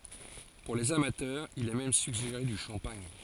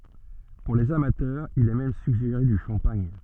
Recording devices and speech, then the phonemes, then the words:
forehead accelerometer, soft in-ear microphone, read sentence
puʁ lez amatœʁz il ɛ mɛm syɡʒeʁe dy ʃɑ̃paɲ
Pour les amateurs, il est même suggéré du champagne.

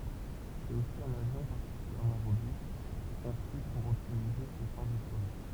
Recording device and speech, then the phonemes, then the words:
temple vibration pickup, read sentence
sɛt osi œ̃n avjɔ̃ paʁtikyljɛʁmɑ̃ ʁobyst kɔ̃sy puʁ ɔptimize se ʃɑ̃s də syʁvi
C'est aussi un avion particulièrement robuste, conçu pour optimiser ses chances de survie.

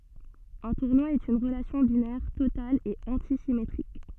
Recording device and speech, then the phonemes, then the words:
soft in-ear microphone, read sentence
œ̃ tuʁnwa ɛt yn ʁəlasjɔ̃ binɛʁ total e ɑ̃tisimetʁik
Un tournoi est une relation binaire totale et antisymétrique.

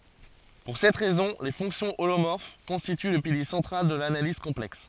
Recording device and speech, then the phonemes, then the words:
forehead accelerometer, read sentence
puʁ sɛt ʁɛzɔ̃ le fɔ̃ksjɔ̃ olomɔʁf kɔ̃stity lə pilje sɑ̃tʁal də lanaliz kɔ̃plɛks
Pour cette raison, les fonctions holomorphes constituent le pilier central de l'analyse complexe.

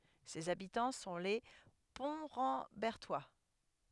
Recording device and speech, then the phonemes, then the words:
headset microphone, read sentence
sez abitɑ̃ sɔ̃ le pɔ̃tʁɑ̃bɛʁtwa
Ses habitants sont les Pontrambertois.

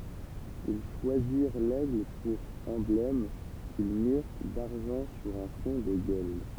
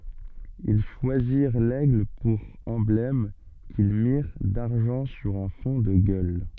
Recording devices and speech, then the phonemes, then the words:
temple vibration pickup, soft in-ear microphone, read sentence
il ʃwaziʁ lɛɡl puʁ ɑ̃blɛm kil miʁ daʁʒɑ̃ syʁ œ̃ fɔ̃ də ɡœl
Ils choisirent l'aigle pour emblème, qu'ils mirent d'argent sur un fond de gueules.

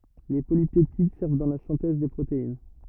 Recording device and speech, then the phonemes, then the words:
rigid in-ear microphone, read sentence
le polipɛptid sɛʁv dɑ̃ la sɛ̃tɛz de pʁotein
Les polypeptides servent dans la synthèse des protéines.

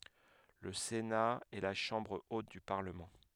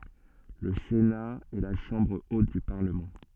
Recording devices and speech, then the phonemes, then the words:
headset microphone, soft in-ear microphone, read sentence
lə sena ɛ la ʃɑ̃bʁ ot dy paʁləmɑ̃
Le Sénat est la chambre haute du Parlement.

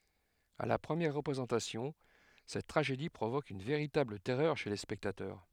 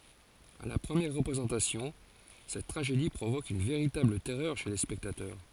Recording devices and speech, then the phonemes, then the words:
headset microphone, forehead accelerometer, read sentence
a la pʁəmjɛʁ ʁəpʁezɑ̃tasjɔ̃ sɛt tʁaʒedi pʁovok yn veʁitabl tɛʁœʁ ʃe le spɛktatœʁ
À la première représentation, cette tragédie provoque une véritable terreur chez les spectateurs.

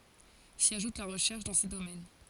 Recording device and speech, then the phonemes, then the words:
forehead accelerometer, read sentence
si aʒut la ʁəʃɛʁʃ dɑ̃ se domɛn
S'y ajoute la recherche dans ces domaines.

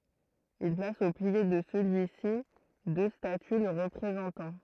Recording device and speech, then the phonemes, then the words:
throat microphone, read sentence
il plas o pje də səlyi si dø staty lə ʁəpʁezɑ̃tɑ̃
Il place au pied de celui-ci deux statues le représentant.

